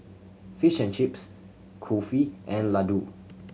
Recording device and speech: mobile phone (Samsung C7100), read sentence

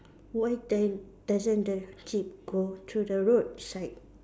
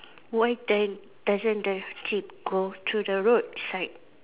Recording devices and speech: standing microphone, telephone, conversation in separate rooms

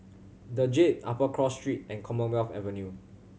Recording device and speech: mobile phone (Samsung C7100), read sentence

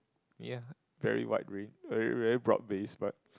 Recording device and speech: close-talking microphone, conversation in the same room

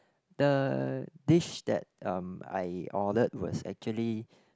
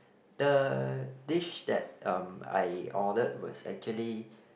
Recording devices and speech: close-talking microphone, boundary microphone, conversation in the same room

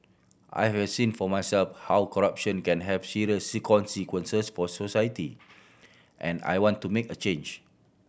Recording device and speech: boundary microphone (BM630), read sentence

